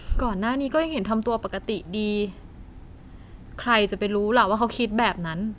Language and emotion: Thai, frustrated